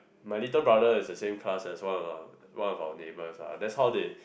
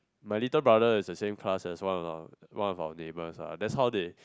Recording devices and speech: boundary microphone, close-talking microphone, conversation in the same room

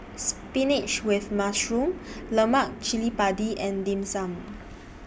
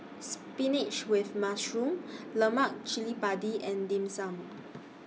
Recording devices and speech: boundary microphone (BM630), mobile phone (iPhone 6), read sentence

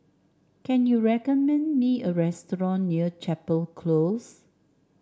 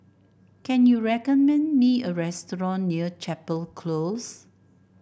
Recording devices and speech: standing microphone (AKG C214), boundary microphone (BM630), read sentence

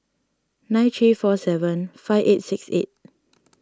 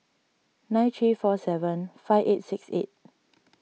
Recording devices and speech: standing microphone (AKG C214), mobile phone (iPhone 6), read sentence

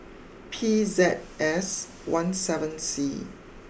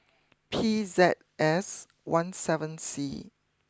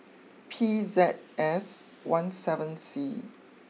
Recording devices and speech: boundary microphone (BM630), close-talking microphone (WH20), mobile phone (iPhone 6), read sentence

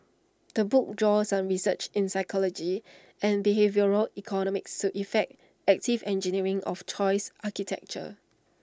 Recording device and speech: standing microphone (AKG C214), read sentence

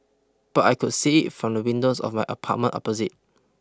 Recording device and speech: close-talking microphone (WH20), read sentence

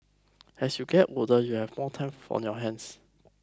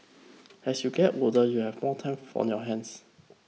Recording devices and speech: close-talking microphone (WH20), mobile phone (iPhone 6), read sentence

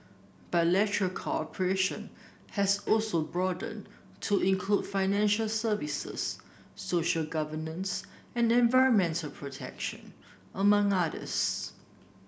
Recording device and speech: boundary microphone (BM630), read sentence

